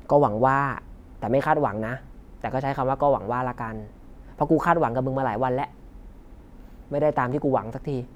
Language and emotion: Thai, frustrated